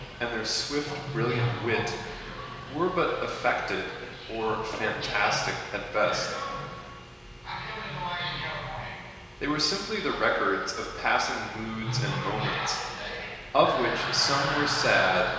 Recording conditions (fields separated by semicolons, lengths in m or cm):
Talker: one person; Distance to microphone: 1.7 m; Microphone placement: close; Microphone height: 1.0 m; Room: very reverberant, large; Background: television